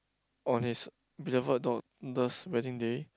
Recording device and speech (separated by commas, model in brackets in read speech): close-talking microphone, conversation in the same room